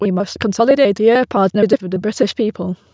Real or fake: fake